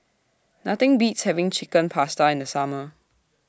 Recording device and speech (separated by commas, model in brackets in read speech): standing microphone (AKG C214), read sentence